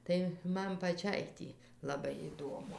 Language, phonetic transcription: Lithuanian, ˈtai ˈman paˈčiai tį laˈbai iˈduomu

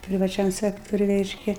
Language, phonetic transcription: Lithuanian, privaˈčiam ˈsektoriuj ˈreiškia

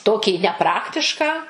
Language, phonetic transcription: Lithuanian, ˈtokį neˈpraktišką

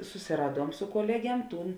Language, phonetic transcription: Lithuanian, susiˈraˌduom su koˈleˌgiem ˈtūn

